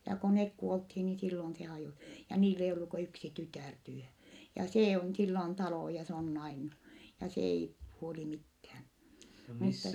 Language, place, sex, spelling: Finnish, Vittanki, female, ja kun ne kuoltiin niin silloin se - ja niillä ei ollut kuin yksi tytär tyhjän ja se on sillä on talo ja se on nainut ja se ei huoli mitään mutta
- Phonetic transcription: ja ko nek kuolthi ni sillon se hajò- , ja niil ‿eij ollu ku yksi tytä̀r tyhä , ja see on , sillä on talò ja se on nainnu , ja se ei , huoli mithään , mutta ,.

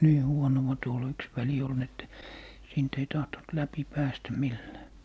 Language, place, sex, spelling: Finnish, Lappee, male, niin huonoa tuolla yksi väli oli niin että siitä ei tahtonut läpi päästä millään
- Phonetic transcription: "nii 'huonowa tuol 'yks väli ol n ‿että , siint ‿ei 'tahtoⁿt 'läpi 'päästä 'millää .

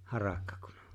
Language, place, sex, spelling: Finnish, Lapinlahti, male, harakka kun on
- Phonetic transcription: harakka kᴜɴ ᴏ .

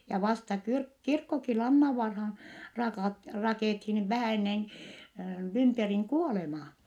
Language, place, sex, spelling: Finnish, Vittanki, female, ja vasta - kirkkokin Lannanvaaraan - rakennettiin vähän ennen Lymperin kuolemaa
- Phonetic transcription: ja vasta kyrk- , kirkkoki Lannavvarhaan , rakàt- rakèthin , vähä ennen , Lymperiŋ kuolemaa .

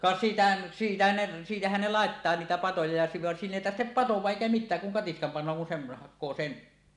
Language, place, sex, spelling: Finnish, Suomussalmi, male, ka sitä siitä ne siitähän ne laittaa niitä patoja ja silloin vaan siinä ei tarvitse padota eikä mitään kun katiskan panee kun sen hakee sen
- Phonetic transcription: ka 'si̳tä , siitä ne , "siitähän ne 'làettaa 'niitä "patoja ja sillon van "siin ‿èi 'tarhtep "patoẁaaˀ "ˀèikä "mit̆tääk kuŋ 'katiskam pan̆noo kun 'sem̳ , hak̆koo "sen ,.

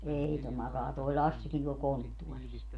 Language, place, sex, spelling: Finnish, Padasjoki, female, ei tuo makaa tuo Lassikin tuolla konttorissa
- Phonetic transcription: 'ei to 'makaa toi̮ 'Lassikin tuol "konttuɔris .

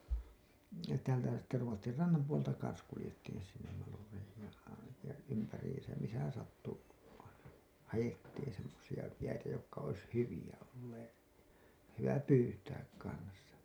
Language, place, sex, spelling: Finnish, Hailuoto, male, ja sittenhän täällä sitten Ruotsin rannan puolta kanssa kuljettiin sinne Malureihin ja aivan ja ympäriinsä missä sattui aina haettiin semmoisia jäitä jotka olisi hyviä olleet hyvä pyytää kanssa
- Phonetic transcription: ja sittehän täälä sitte 'Ruottir 'rannam puolta kans kulĭjettiin sinnem 'Malureihij ja aivan̬ , ja 'ympäriisäm misä 'sattu , aina , "hajettiin semmosi₍a , jäitä jokka ois "hyvi₍ä ollee , hyvä "pyytääk kans̆sa .

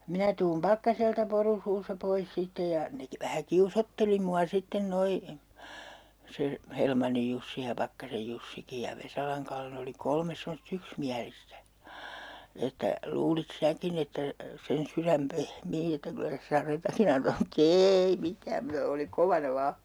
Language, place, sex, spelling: Finnish, Urjala, female, minä tulen Pakkaselta poru suussa pois sitten ja ne - vähän kiusoitteli minua sitten nuo se Helmannin Jussi ja Pakkasen Jussikin ja Vesalan Kalle ne oli kolme semmoista yksimielistä että luulit sinäkin että sen sydän pehmiää että kyllä se sadetakin antaa mutta ei mitään mutta oli kovana vain
- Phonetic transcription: "minä tuum 'Pakkaselta 'poru 'suussa 'pois 'sittej ja , ne 'ki - vähä "kiusotteli mua 'sitten 'noi , 'se , 'Helmannij Jussi ja 'Pakkasej Jussiki ja 'Vesalaŋ Kalle ne oli 'kolmes semos"t ‿yksmiälistä , 'että , » luulit 'sääkin ‿että , sen 'syräm "pehmii että 'kylä se 'saretakin ‿antaa » mu"t ‿eei 'mitääm muta oli 'kovana 'vaa .

